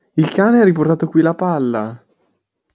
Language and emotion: Italian, surprised